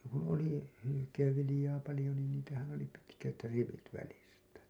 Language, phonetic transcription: Finnish, kun̬ oli , hylykeevvilĭjaa palĭjo niin niitähän oli 'pitkät 'rivit välistä .
- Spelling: kun oli hylkeenviljaa paljon niin niitähän oli pitkät rivit välistä

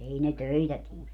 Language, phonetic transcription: Finnish, 'ei ne "töitä 'tie .
- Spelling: ei ne töitä tee

